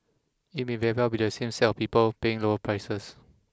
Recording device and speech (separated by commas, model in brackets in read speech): close-talking microphone (WH20), read sentence